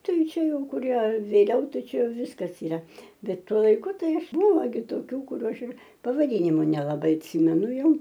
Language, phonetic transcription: Lithuanian, ˈtai ˈčia ˈjau kuˈrie vėˈliau taˈčiau ˈviskas iˈra ˈbet ˈtuo laiˈku ˈtai ˈaš ˈbuvo gi toˈkių kuˈrių ˈaš ir pavaˈdynimu nelaˈbai atˈsymenu ˈjau

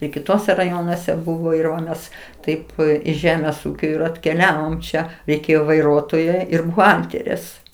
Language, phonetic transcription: Lithuanian, i kiˈtuose raˈjonuose ˈbuvo ir ˈva ˈmes ˈtaip iš ˈžemės ˈūkio ir atkeˈliavom ˈčia reiˈkėjo vaiˈruotoja ˈir buˈhalterės

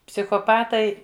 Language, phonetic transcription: Lithuanian, psichoˈpatai

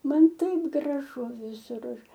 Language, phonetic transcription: Lithuanian, ˈman ˈtaip graˈžu viˈsur ˈaš

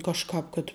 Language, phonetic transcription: Lithuanian, kažˈkāp kad

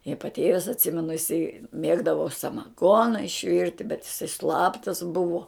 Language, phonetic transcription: Lithuanian, i paˈtėvis atˈsimenu iˈsai ˈmėgdavo samaˈgona išˈvirti bet iˈsai ˈslaptas ˈbuvo

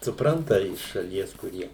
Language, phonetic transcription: Lithuanian, suˈpranta iš šaˈlies kuˈrie

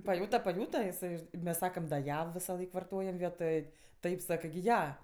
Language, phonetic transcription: Lithuanian, paˈjūta paˈjūta iˈsai mes ˈsakam da ˈja visaˈlaik varˈtojam ˈvietoj ˈtaip ˈsakɜ gi ˈja

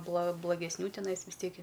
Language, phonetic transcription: Lithuanian, bla blagesˈnių teˈnais vis ˈtiek i

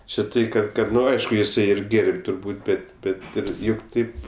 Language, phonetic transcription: Lithuanian, či ˈtai kad ˈkad ˈnu ˈaišku jiˈsai ir ˈgėr'b' turˈbūt ˈbet ˈbet ˈir ˈjuk ˈtaip

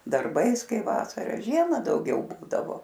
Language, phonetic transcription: Lithuanian, darˈbais ˈkai ˈvasara ˈžiema dauˈgiau ˈbūdavo

